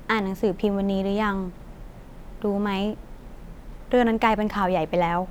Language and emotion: Thai, sad